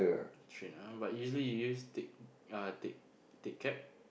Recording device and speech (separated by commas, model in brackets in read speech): boundary microphone, conversation in the same room